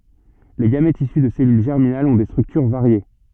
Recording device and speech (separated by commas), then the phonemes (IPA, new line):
soft in-ear microphone, read sentence
le ɡamɛtz isy də sɛlyl ʒɛʁminalz ɔ̃ de stʁyktyʁ vaʁje